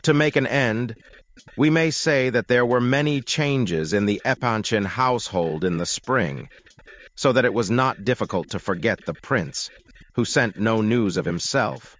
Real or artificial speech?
artificial